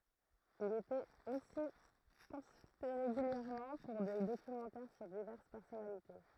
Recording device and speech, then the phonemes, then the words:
throat microphone, read sentence
il etɛt osi kɔ̃sylte ʁeɡyljɛʁmɑ̃ puʁ de dokymɑ̃tɛʁ syʁ divɛʁs pɛʁsɔnalite
Il était aussi consulté régulièrement pour des documentaires sur diverses personnalités.

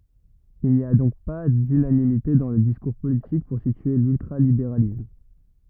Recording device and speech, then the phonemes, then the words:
rigid in-ear microphone, read sentence
il ni a dɔ̃k pa dynanimite dɑ̃ lə diskuʁ politik puʁ sitye lyltʁalibeʁalism
Il n'y a donc pas d'unanimité dans le discours politique pour situer l'ultra-libéralisme.

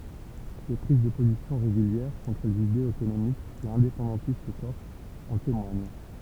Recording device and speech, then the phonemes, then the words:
temple vibration pickup, read sentence
se pʁiz də pozisjɔ̃ ʁeɡyljɛʁ kɔ̃tʁ lez idez otonomistz e ɛ̃depɑ̃dɑ̃tist kɔʁsz ɑ̃ temwaɲ
Ses prises de positions régulières contre les idées autonomistes et indépendantistes corses en témoignent.

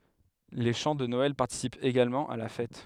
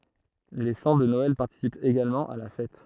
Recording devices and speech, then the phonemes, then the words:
headset microphone, throat microphone, read sentence
le ʃɑ̃ də nɔɛl paʁtisipt eɡalmɑ̃ a la fɛt
Les chants de Noël participent également à la fête.

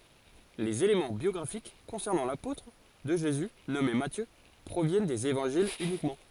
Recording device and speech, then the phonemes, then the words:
forehead accelerometer, read sentence
lez elemɑ̃ bjɔɡʁafik kɔ̃sɛʁnɑ̃ lapotʁ də ʒezy nɔme matjø pʁovjɛn dez evɑ̃ʒilz ynikmɑ̃
Les éléments biographiques concernant l'apôtre de Jésus nommé Matthieu proviennent des Évangiles uniquement.

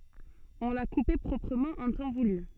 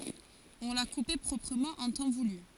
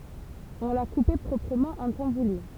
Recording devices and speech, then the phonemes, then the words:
soft in-ear microphone, forehead accelerometer, temple vibration pickup, read sentence
ɔ̃ la kupe pʁɔpʁəmɑ̃ ɑ̃ tɑ̃ vuly
On l’a coupé proprement en temps voulu.

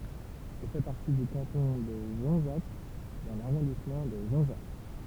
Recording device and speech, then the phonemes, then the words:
temple vibration pickup, read sentence
ɛl fɛ paʁti dy kɑ̃tɔ̃ də ʒɔ̃zak dɑ̃ laʁɔ̃dismɑ̃ də ʒɔ̃zak
Elle fait partie du canton de Jonzac dans l'arrondissement de Jonzac.

